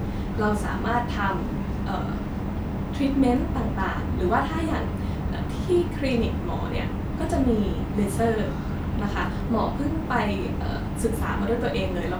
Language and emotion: Thai, neutral